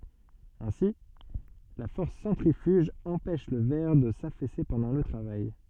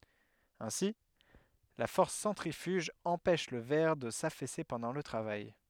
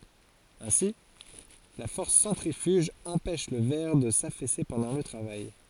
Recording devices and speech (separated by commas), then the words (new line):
soft in-ear microphone, headset microphone, forehead accelerometer, read sentence
Ainsi, la force centrifuge empêche le verre de s'affaisser pendant le travail.